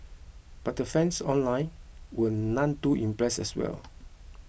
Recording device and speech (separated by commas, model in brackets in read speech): boundary microphone (BM630), read sentence